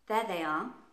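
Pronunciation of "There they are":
In 'There they are', 'they' links straight into 'are', while 'There' stands on its own.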